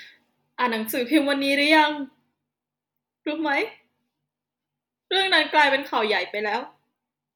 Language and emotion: Thai, sad